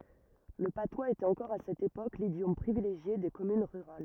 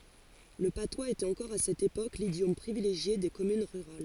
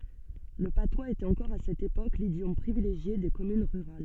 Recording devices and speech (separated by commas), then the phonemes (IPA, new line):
rigid in-ear microphone, forehead accelerometer, soft in-ear microphone, read sentence
lə patwaz etɛt ɑ̃kɔʁ a sɛt epok lidjɔm pʁivileʒje de kɔmyn ʁyʁal